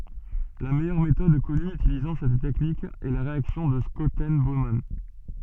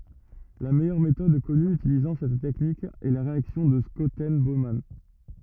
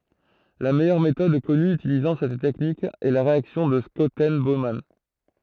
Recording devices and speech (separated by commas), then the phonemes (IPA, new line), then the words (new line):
soft in-ear microphone, rigid in-ear microphone, throat microphone, read sentence
la mɛjœʁ metɔd kɔny ytilizɑ̃ sɛt tɛknik ɛ la ʁeaksjɔ̃ də ʃɔtɛn boman
La meilleure méthode connue utilisant cette technique est la réaction de Schotten-Baumann.